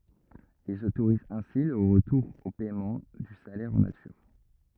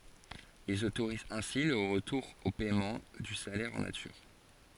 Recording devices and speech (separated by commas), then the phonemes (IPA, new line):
rigid in-ear microphone, forehead accelerometer, read sentence
ilz otoʁizt ɛ̃si lə ʁətuʁ o pɛmɑ̃ dy salɛʁ ɑ̃ natyʁ